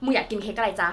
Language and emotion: Thai, frustrated